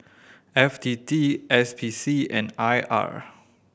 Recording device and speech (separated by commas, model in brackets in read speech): boundary microphone (BM630), read sentence